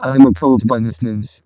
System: VC, vocoder